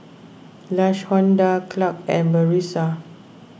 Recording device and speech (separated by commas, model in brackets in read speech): boundary microphone (BM630), read sentence